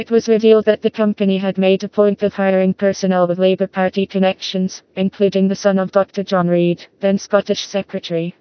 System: TTS, vocoder